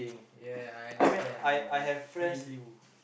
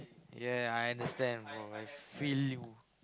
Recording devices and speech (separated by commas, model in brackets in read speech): boundary microphone, close-talking microphone, conversation in the same room